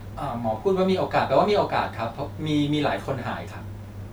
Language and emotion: Thai, neutral